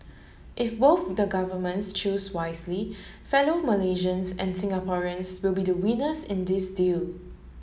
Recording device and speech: mobile phone (Samsung S8), read sentence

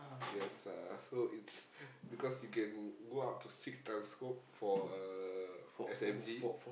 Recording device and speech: boundary microphone, conversation in the same room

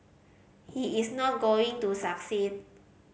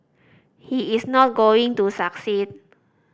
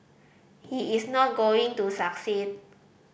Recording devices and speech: mobile phone (Samsung C5010), standing microphone (AKG C214), boundary microphone (BM630), read sentence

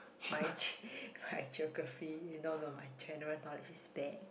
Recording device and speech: boundary microphone, conversation in the same room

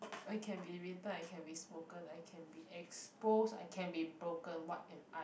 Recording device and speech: boundary microphone, conversation in the same room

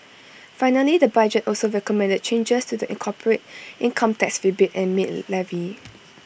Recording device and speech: boundary microphone (BM630), read sentence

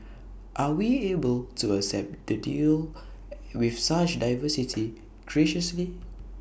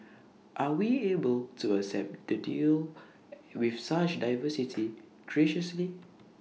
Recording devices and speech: boundary microphone (BM630), mobile phone (iPhone 6), read sentence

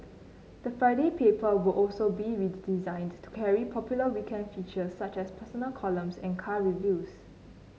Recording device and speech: mobile phone (Samsung C9), read sentence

